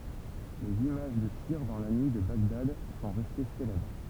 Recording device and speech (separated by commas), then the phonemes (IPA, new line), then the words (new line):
temple vibration pickup, read sentence
lez imaʒ də tiʁ dɑ̃ la nyi də baɡdad sɔ̃ ʁɛste selɛbʁ
Les images de tirs dans la nuit de Bagdad sont restées célèbres.